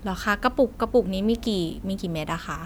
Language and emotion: Thai, neutral